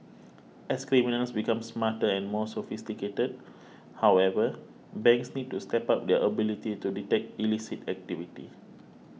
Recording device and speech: mobile phone (iPhone 6), read sentence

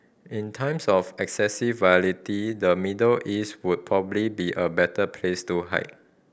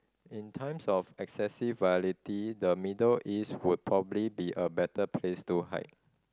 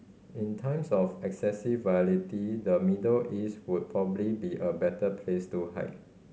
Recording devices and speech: boundary microphone (BM630), standing microphone (AKG C214), mobile phone (Samsung C5010), read sentence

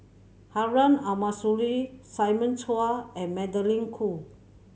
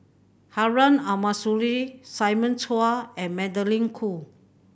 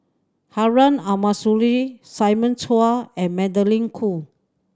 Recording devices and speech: mobile phone (Samsung C7100), boundary microphone (BM630), standing microphone (AKG C214), read sentence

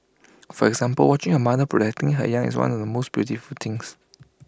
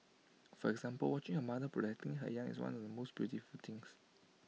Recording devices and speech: close-talking microphone (WH20), mobile phone (iPhone 6), read sentence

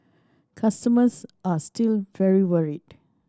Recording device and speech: standing microphone (AKG C214), read sentence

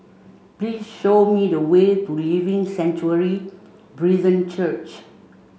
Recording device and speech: mobile phone (Samsung C5), read sentence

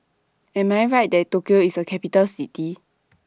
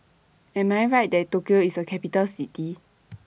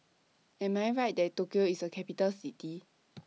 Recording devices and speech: standing microphone (AKG C214), boundary microphone (BM630), mobile phone (iPhone 6), read sentence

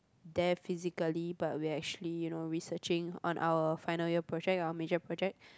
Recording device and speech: close-talking microphone, conversation in the same room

